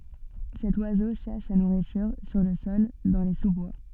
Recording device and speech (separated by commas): soft in-ear microphone, read sentence